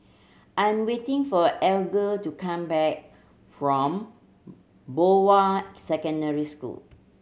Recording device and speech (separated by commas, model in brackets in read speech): mobile phone (Samsung C7100), read sentence